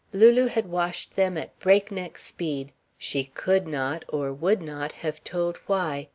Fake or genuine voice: genuine